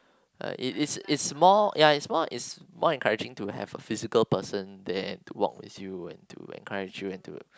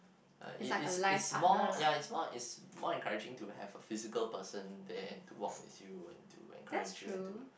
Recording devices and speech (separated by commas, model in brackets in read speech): close-talking microphone, boundary microphone, conversation in the same room